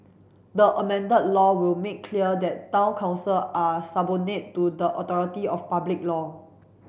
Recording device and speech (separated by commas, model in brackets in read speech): boundary microphone (BM630), read sentence